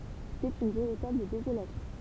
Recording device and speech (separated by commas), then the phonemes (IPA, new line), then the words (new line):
temple vibration pickup, read sentence
setɛt yn veʁitabl dezolasjɔ̃
C'était une véritable désolation.